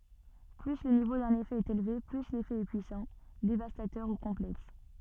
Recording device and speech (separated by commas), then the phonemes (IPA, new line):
soft in-ear microphone, read sentence
ply lə nivo dœ̃n efɛ ɛt elve ply lefɛ ɛ pyisɑ̃ devastatœʁ u kɔ̃plɛks